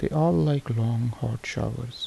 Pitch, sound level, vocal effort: 120 Hz, 74 dB SPL, soft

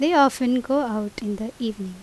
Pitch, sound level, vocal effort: 235 Hz, 82 dB SPL, normal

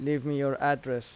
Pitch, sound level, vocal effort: 140 Hz, 85 dB SPL, normal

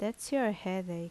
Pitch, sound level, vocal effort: 205 Hz, 78 dB SPL, normal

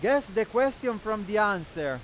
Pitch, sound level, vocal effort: 215 Hz, 101 dB SPL, very loud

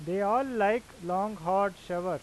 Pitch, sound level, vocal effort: 195 Hz, 95 dB SPL, loud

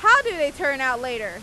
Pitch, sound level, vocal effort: 280 Hz, 102 dB SPL, very loud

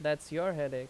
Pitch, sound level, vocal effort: 150 Hz, 87 dB SPL, loud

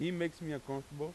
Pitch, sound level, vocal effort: 155 Hz, 89 dB SPL, loud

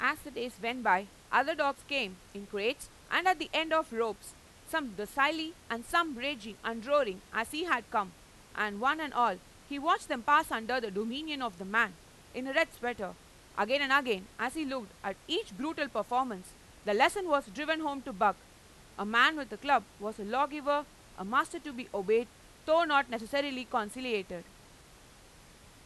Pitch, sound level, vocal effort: 255 Hz, 97 dB SPL, loud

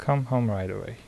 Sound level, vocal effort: 74 dB SPL, soft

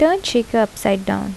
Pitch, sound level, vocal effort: 225 Hz, 75 dB SPL, soft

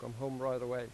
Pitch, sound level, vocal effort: 125 Hz, 89 dB SPL, normal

